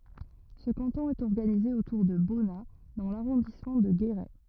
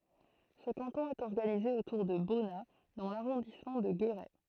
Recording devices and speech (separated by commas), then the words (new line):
rigid in-ear microphone, throat microphone, read sentence
Ce canton est organisé autour de Bonnat dans l'arrondissement de Guéret.